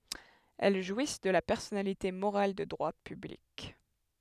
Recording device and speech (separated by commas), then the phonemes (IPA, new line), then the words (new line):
headset microphone, read sentence
ɛl ʒwis də la pɛʁsɔnalite moʁal də dʁwa pyblik
Elles jouissent de la personnalité morale de droit public.